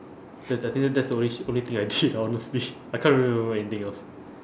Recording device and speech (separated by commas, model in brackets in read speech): standing microphone, conversation in separate rooms